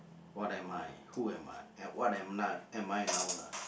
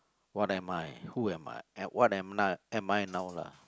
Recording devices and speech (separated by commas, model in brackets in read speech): boundary microphone, close-talking microphone, conversation in the same room